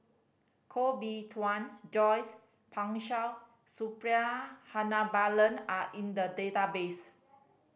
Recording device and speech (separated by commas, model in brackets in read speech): boundary microphone (BM630), read sentence